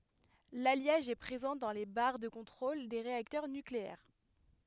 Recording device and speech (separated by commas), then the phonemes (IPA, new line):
headset microphone, read sentence
laljaʒ ɛ pʁezɑ̃ dɑ̃ le baʁ də kɔ̃tʁol de ʁeaktœʁ nykleɛʁ